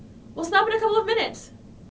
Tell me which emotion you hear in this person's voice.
disgusted